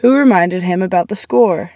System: none